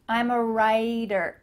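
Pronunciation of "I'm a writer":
In 'writer', the t in the middle of the word sounds like a d.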